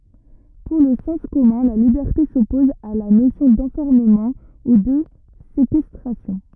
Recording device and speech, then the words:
rigid in-ear microphone, read sentence
Pour le sens commun, la liberté s'oppose à la notion d'enfermement ou de séquestration.

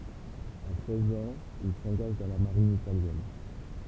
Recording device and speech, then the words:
temple vibration pickup, read sentence
À seize ans, il s'engage dans la Marine italienne.

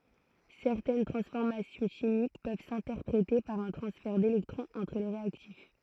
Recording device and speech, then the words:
throat microphone, read sentence
Certaines transformations chimiques peuvent s'interpréter par un transfert d'électrons entre les réactifs.

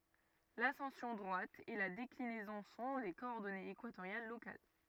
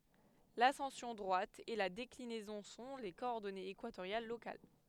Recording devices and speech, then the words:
rigid in-ear microphone, headset microphone, read sentence
L'ascension droite et la déclinaison sont les coordonnées équatoriales locales.

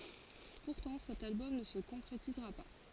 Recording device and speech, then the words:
forehead accelerometer, read sentence
Pourtant, cet album ne se concrétisera pas.

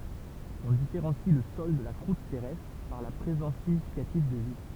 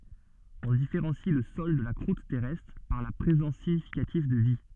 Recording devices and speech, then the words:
temple vibration pickup, soft in-ear microphone, read sentence
On différencie le sol de la croûte terrestre par la présence significative de vie.

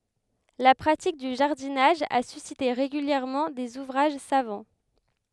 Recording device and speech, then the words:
headset microphone, read sentence
La pratique du jardinage a suscité régulièrement des ouvrages savants.

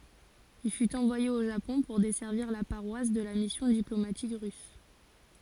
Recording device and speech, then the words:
forehead accelerometer, read sentence
Il fut envoyé au Japon pour desservir la paroisse de la mission diplomatique russe.

